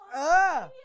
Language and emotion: Thai, happy